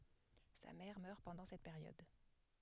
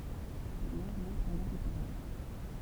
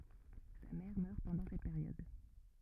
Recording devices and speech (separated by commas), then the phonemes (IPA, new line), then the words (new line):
headset microphone, temple vibration pickup, rigid in-ear microphone, read sentence
sa mɛʁ mœʁ pɑ̃dɑ̃ sɛt peʁjɔd
Sa mère meurt pendant cette période.